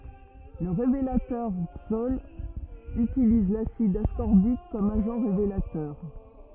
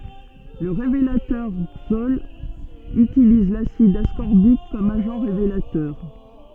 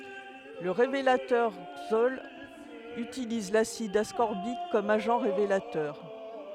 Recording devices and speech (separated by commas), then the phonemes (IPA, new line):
rigid in-ear microphone, soft in-ear microphone, headset microphone, read sentence
lə ʁevelatœʁ ikstɔl ytiliz lasid askɔʁbik kɔm aʒɑ̃ ʁevelatœʁ